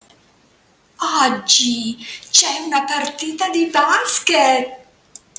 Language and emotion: Italian, surprised